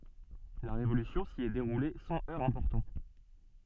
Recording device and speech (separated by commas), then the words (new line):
soft in-ear microphone, read sentence
La Révolution s’y est déroulée sans heurts importants.